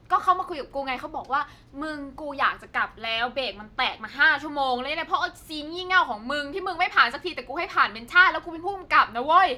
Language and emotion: Thai, angry